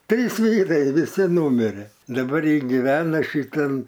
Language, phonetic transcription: Lithuanian, ˈtrys ˈvyrai viˈsi ˈnūmire daˈbar ˈji giˈvena ˈšytan

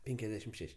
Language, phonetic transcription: Lithuanian, ˈpenkiasdešim ˈšeš'

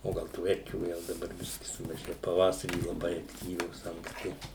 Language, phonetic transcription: Lithuanian, o ˈgal tų ˈerkių jau daˈbar ˈbiski sumaˈžėju paˈvasarį laˈbai akˈtyvios ankˈsti

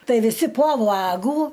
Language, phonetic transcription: Lithuanian, ˈtai viˈsi po ˈvagų

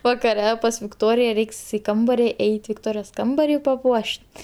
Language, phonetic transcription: Lithuanian, vakaˈre pas vikˈtorija ˈreiks i ˈkambari ˈeit' vikˈtorijos ˈkambarį paˈpuoš't'

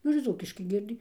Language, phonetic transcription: Lithuanian, ˈnu ir ˈdzūkiškai ˈgiedi

